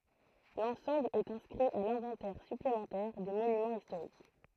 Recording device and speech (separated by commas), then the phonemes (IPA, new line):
throat microphone, read sentence
lɑ̃sɑ̃bl ɛt ɛ̃skʁi a lɛ̃vɑ̃tɛʁ syplemɑ̃tɛʁ de monymɑ̃z istoʁik